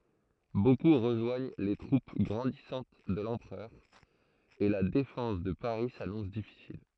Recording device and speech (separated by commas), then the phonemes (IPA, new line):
throat microphone, read sentence
boku ʁəʒwaɲ le tʁup ɡʁɑ̃disɑ̃t də lɑ̃pʁœʁ e la defɑ̃s də paʁi sanɔ̃s difisil